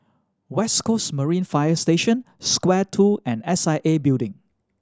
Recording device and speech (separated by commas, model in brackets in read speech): standing microphone (AKG C214), read sentence